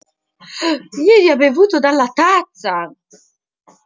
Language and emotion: Italian, surprised